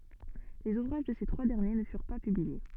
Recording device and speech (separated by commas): soft in-ear microphone, read sentence